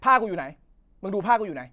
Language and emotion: Thai, angry